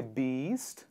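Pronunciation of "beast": This is an incorrect pronunciation of 'best', said as 'beast' instead of with the eh sound.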